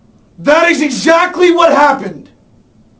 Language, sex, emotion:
English, male, angry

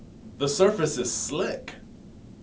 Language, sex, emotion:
English, male, happy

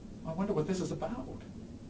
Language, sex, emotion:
English, male, fearful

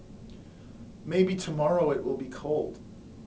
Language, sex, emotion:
English, male, neutral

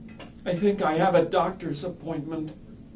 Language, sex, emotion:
English, male, fearful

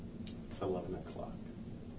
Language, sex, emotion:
English, male, neutral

